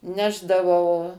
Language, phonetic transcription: Lithuanian, ˈnešdavau

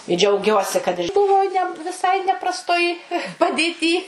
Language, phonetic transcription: Lithuanian, i džiauˈgiuosi kad ˈbuvo ˈne viˈsai neprasˈtoj padėˈty

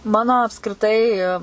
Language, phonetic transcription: Lithuanian, ˈmano apskriˈtai

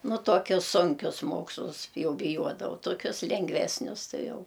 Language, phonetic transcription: Lithuanian, ˈnu tuoˈkius ˈsunkius ˈmokslus ˈjau biˈjuodavau toˈkius lengˈvesnius ˈtai ˈjau

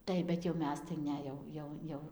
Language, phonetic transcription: Lithuanian, ˈtaip bet jau ˈmes tai ˈne jau ˈjau ˈjau

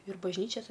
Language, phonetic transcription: Lithuanian, ir bažˈnyčias

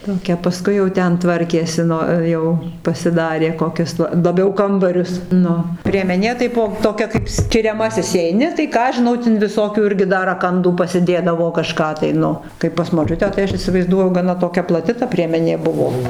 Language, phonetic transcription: Lithuanian, toˈkia paˈskui jau ˈten ˈtvarkėsi ˈnu ˈjau pasiˈdarė koˈkius la laˈbiau ˈkambarius ˈnu priemeˈnė tai ˈbuo toˈkia kaip skiriaˈmasis įeiˈni tai ˈką aš žiˈnau tin viˈsokių ˈirgi dar raˈkandų pasiˈdėdavo kaˈžką tai ˈnu ˈkai pas moˈčiutę tai ˈaš įsivaizˈduoju gaˈna toˈkia plaˈti ta priemeˈnė ˈbuvo

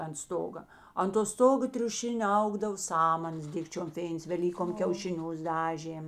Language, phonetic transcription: Lithuanian, ant ˈstoga ant to ˈstogo triuˈšinio ˈaugdav ˈsamanas ˈdikčiom ˈfėins veˈlykom kiaušiˈnius ˈdažėm

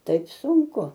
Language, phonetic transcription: Lithuanian, ˈtaip sunˈku

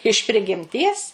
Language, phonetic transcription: Lithuanian, iš prigimˈties

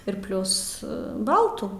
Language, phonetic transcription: Lithuanian, ir ˈplius ˈbaltų

